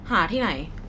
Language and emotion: Thai, neutral